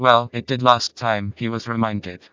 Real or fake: fake